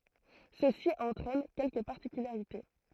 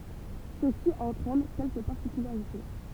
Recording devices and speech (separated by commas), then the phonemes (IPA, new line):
throat microphone, temple vibration pickup, read sentence
səsi ɑ̃tʁɛn kɛlkə paʁtikylaʁite